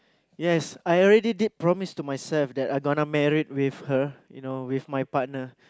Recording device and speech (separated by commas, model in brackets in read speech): close-talking microphone, conversation in the same room